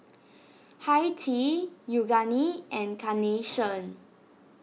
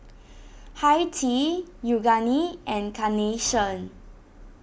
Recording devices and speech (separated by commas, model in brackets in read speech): mobile phone (iPhone 6), boundary microphone (BM630), read sentence